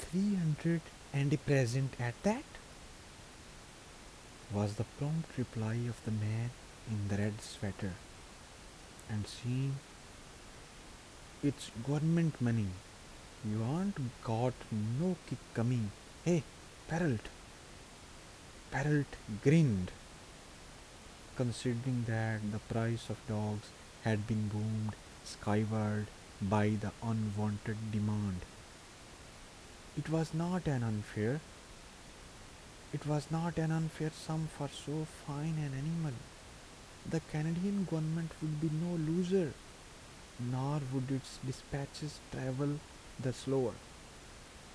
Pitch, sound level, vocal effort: 125 Hz, 76 dB SPL, soft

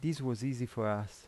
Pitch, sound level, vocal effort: 125 Hz, 82 dB SPL, normal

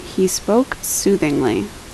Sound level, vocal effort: 74 dB SPL, normal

